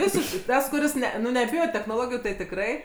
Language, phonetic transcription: Lithuanian, ˈvisiškai ˈtas kuˈris ˈne nu neˈbijo technoˈlogijų tai tikˈrai

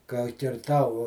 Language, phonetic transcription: Lithuanian, ka kirˈtau

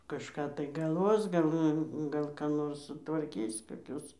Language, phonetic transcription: Lithuanian, kažˈką tai galˈvos ˈgal ˈnu ˈgal ką ˈnors sutvarˈkys koˈkius

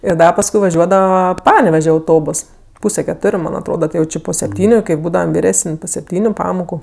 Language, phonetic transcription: Lithuanian, ir ˈda pasˈkui vaˈžiuodava ˈpaneveže auˈtobos ˈpūse keˈtoriu ˈman' atˈroda ˈtai jau ˈčė po sepˈtyniu kai ˈbūdavam virˈesən' po sepˈtyniu ˈpamoku

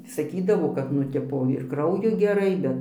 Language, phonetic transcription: Lithuanian, saˈkydavo kad nu ˈtipo ir ˈkrauju geˈrai ˈbet

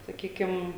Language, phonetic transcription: Lithuanian, saˈkykim

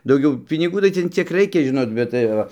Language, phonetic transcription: Lithuanian, dauˈgiau piniˈgų tai ˈten ˈciek ˈraikia ˈžinot bet tai ˈva

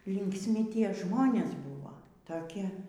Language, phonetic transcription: Lithuanian, linksˈmi ˈtie ˈžmonės ˈbūvo taˈki

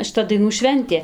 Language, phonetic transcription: Lithuanian, šiˈta daiˈnų ˈšventė

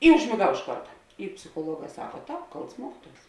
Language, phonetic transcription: Lithuanian, i užmėˈgau iš ˈkarta i psichuoˈluoˌgā ˈsaka ˈtāp ˈkalts ˈmuokiˌtuos

